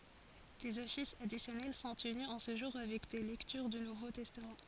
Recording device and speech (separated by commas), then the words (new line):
forehead accelerometer, read sentence
Des offices additionnels sont tenus en ce jour avec des lectures du Nouveau Testament.